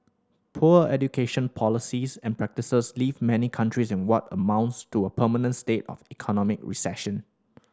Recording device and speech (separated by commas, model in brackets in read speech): standing microphone (AKG C214), read sentence